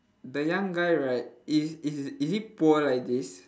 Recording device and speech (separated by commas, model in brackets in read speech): standing microphone, conversation in separate rooms